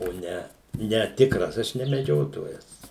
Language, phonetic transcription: Lithuanian, o ˈne ne ˈtikras ˈaš ne meˈdžiotojas

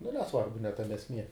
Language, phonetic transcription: Lithuanian, nu neˈsvarbu ne ˈtame esˈmie

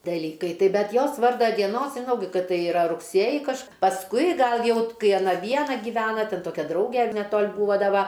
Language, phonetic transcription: Lithuanian, daˈlykai ˈtaip ˈbet ˈjos ˈvarda dieˈnos žiˈnau ˈkad ˈtai iˈra rugˈsėji kaž pasˈkui ˈgal ˈjau t ˈkai aˈna ˈviena giˈvena ten ˈtokia ˈdrauge neˈtol' ˈbūva ˈda ˈva

